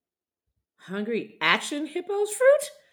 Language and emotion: English, surprised